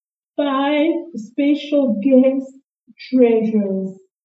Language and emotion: English, sad